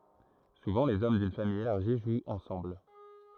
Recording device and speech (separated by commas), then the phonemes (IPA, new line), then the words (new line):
throat microphone, read sentence
suvɑ̃ lez ɔm dyn famij elaʁʒi ʒwt ɑ̃sɑ̃bl
Souvent les hommes d'une famille élargie jouent ensemble.